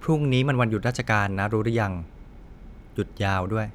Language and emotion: Thai, neutral